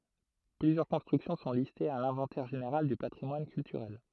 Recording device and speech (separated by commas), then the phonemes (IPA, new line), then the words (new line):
throat microphone, read sentence
plyzjœʁ kɔ̃stʁyksjɔ̃ sɔ̃ listez a lɛ̃vɑ̃tɛʁ ʒeneʁal dy patʁimwan kyltyʁɛl
Plusieurs constructions sont listées à l'Inventaire général du patrimoine culturel.